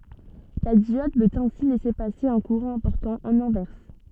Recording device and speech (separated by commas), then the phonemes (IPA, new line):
soft in-ear microphone, read sentence
la djɔd pøt ɛ̃si lɛse pase œ̃ kuʁɑ̃ ɛ̃pɔʁtɑ̃ ɑ̃n ɛ̃vɛʁs